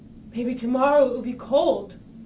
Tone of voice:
fearful